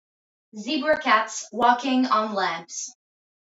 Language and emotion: English, neutral